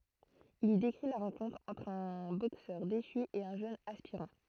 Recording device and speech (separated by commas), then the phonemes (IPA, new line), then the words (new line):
throat microphone, read sentence
il i dekʁi la ʁɑ̃kɔ̃tʁ ɑ̃tʁ œ̃ boksœʁ deʃy e œ̃ ʒøn aspiʁɑ̃
Il y décrit la rencontre entre un boxeur déchu et un jeune aspirant.